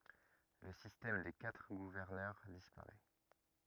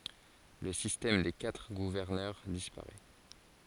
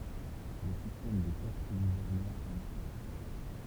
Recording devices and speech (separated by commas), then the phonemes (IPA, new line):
rigid in-ear microphone, forehead accelerometer, temple vibration pickup, read sentence
lə sistɛm de katʁ ɡuvɛʁnœʁ dispaʁɛ